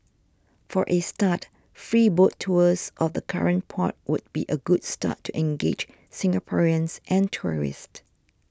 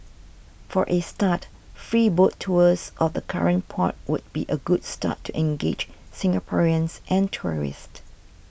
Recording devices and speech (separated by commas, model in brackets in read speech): standing microphone (AKG C214), boundary microphone (BM630), read sentence